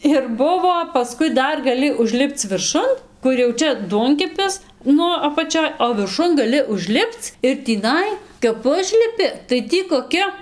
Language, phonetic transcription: Lithuanian, ir ˈbuvo paˈskui ˈdar gaˈli užˈlipc virˈšun ˈkur jau ˈčia ˈduonkepis ˈnu apaˈčioj o virˈšun gaˈli užˈlipc ir tįˈnai kap ˈužlipi tai ˈtį koˈki

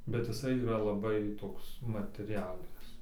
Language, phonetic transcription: Lithuanian, bet jiˈsai yˈra laˈbai ˈtoks mateˈrialinis

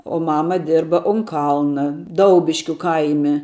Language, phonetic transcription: Lithuanian, o ˈmama ˈdirba un ˈkalna ˈdaubiškiu ˈkaime

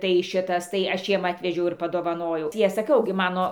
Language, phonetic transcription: Lithuanian, tai ˈšitas tai ˈašˈ jiem ˈatvežiau ir paˈdovanojau tai ˈaš saˈkiau gi ˈmano

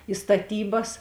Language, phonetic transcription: Lithuanian, i staˈtybas

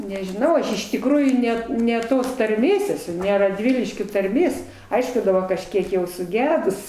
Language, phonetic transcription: Lithuanian, nežiˈnau ˈaš iš tikˈrųjų ˈnet ne ˈtos tarˈmės eˈsu ne radˈviliškio tarˈmės ˈaišku daˈba kažˈkiek jau suˈgedus

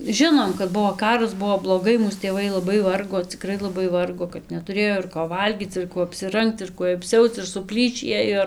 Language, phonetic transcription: Lithuanian, ˈžinom kad ˈbuo ˈkaras ˈbuo bloˈgai ˈmūs tėˈvai laˈbai ˈvargo ˈcikrai laˈbai ˈvargo kad netuˈrėjo ir ko ˈvalgyc ir ˈkuo apsiˈrangc ir ˈkuoj apˈsiauc ir suˈplyšį ˈėjo

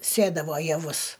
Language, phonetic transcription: Lithuanian, ˈsėdavo jaˈvus

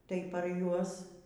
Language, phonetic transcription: Lithuanian, tai par ˈjuos

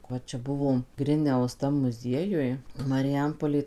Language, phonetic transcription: Lithuanian, ˈva ˈčia ˈbuvom ˈgriniaus ˈtam muˈziejuj mariˈjampolė

